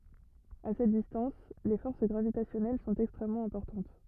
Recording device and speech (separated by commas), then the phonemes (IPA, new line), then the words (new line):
rigid in-ear microphone, read sentence
a sɛt distɑ̃s le fɔʁs ɡʁavitasjɔnɛl sɔ̃t ɛkstʁɛmmɑ̃ ɛ̃pɔʁtɑ̃t
À cette distance, les forces gravitationnelles sont extrêmement importantes.